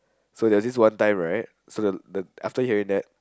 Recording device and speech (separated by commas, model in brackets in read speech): close-talking microphone, conversation in the same room